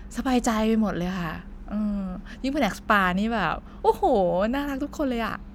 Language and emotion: Thai, happy